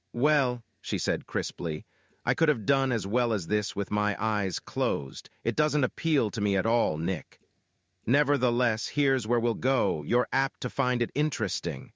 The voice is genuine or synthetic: synthetic